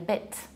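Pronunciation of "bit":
This is an incorrect pronunciation of 'bid' with final devoicing, so it sounds like 'bit'.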